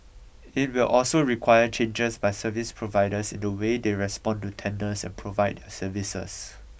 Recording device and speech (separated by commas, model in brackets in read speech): boundary microphone (BM630), read sentence